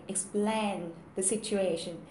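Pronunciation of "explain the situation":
'Explain the situation' is pronounced incorrectly here.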